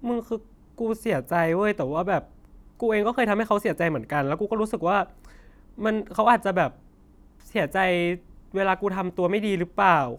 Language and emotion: Thai, sad